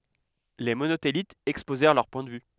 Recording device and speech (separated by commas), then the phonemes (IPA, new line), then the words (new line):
headset microphone, read sentence
le monotelitz ɛkspozɛʁ lœʁ pwɛ̃ də vy
Les Monothélites exposèrent leur point de vue.